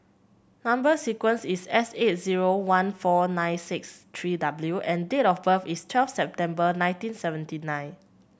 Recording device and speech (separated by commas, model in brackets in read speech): boundary microphone (BM630), read sentence